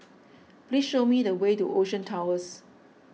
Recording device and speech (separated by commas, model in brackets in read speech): mobile phone (iPhone 6), read sentence